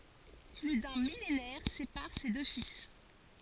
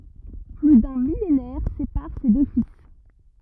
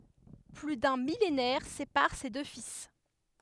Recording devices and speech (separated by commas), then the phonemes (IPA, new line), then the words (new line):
forehead accelerometer, rigid in-ear microphone, headset microphone, read sentence
ply dœ̃ milenɛʁ sepaʁ se dø fil
Plus d’un millénaire sépare ces deux fils.